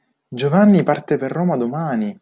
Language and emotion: Italian, surprised